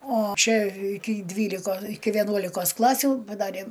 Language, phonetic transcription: Lithuanian, o ˈčia ˈiki ˈdvyliko iki veˈnuolikos ˈklasių paˈdarė

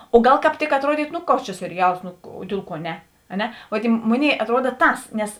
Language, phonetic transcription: Lithuanian, o ˈgal kāp ˈtik atˈruodytu ˈnu ˈkoks čia seriˈjals ˈnu o ˈdiel ˌkuo ˈne a ˈne ˈvo tei ˈmoˌnėi atˈruoda ˈtas nes

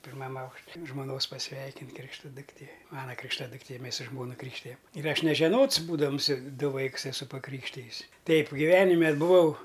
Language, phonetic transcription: Lithuanian, pirˈmam ˈaukš' žmoˈnos paˈsveikint' ˈkrikšta dukˈtė ˈmana krikšˈtaduktė ˈmės su ˈžmona ˈkrykštijam ir ˈaš nežeˈnots ˈbūdams ˈdu ˈvaiks eˈsu paˈkrykštijis ˈteip giˈvenime buˈvau

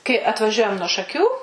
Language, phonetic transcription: Lithuanian, kai atvaˈžiuojam nuo šaˈkių

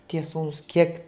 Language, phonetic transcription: Lithuanian, tie ˈsūnūs kiek

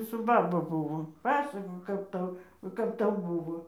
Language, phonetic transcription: Lithuanian, su ˈbaba ˈbuvo ˈpasakok ˈkap ˈtau ˈkap ˈtau ˈbuvo

